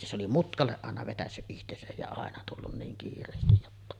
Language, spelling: Finnish, se oli mutkalle aina vetäissyt itsensä ja aina tullut niin kiireesti jotta
- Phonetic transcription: se oli 'mutkalleˀ 'ˀàena vetässy’ '’ihtesäj ja 'àena tullun niin kiir̆reestij jotta .

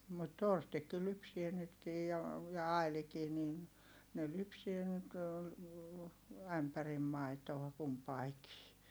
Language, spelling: Finnish, mutta Torstikin lypsää nytkin jo ja Ailikin niin ne lypsää nyt ämpärin maitoa kumpikin
- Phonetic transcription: mut Torstikki lypsie nytkij jo , ja Ailikii nin , ne lypsie nyt , ämpärim mai̮toa kumpaikii .

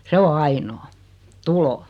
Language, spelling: Finnish, se on ainoa tulo
- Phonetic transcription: 'se o "ainoo , "tulo .

